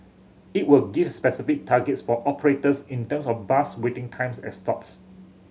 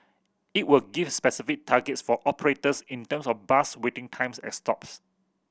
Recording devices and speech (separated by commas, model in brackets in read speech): mobile phone (Samsung C7100), boundary microphone (BM630), read sentence